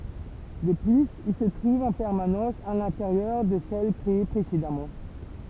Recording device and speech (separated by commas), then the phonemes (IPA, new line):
temple vibration pickup, read sentence
də plyz il sə tʁuv ɑ̃ pɛʁmanɑ̃s a lɛ̃teʁjœʁ də sɛl kʁee pʁesedamɑ̃